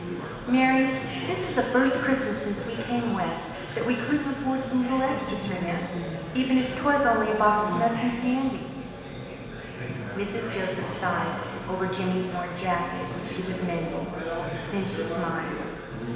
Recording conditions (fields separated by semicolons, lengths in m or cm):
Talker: one person; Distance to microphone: 1.7 m; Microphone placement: close; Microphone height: 1.0 m; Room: very reverberant, large; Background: babble